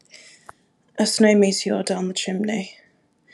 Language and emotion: English, sad